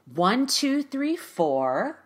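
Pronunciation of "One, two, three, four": The voice goes up in pitch across 'one, two, three, four', getting higher.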